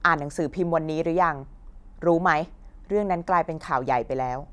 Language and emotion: Thai, angry